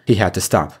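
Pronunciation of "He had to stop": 'He had to stop' is said with linked pronunciation, as connected speech: the words connect to one another instead of being said separately.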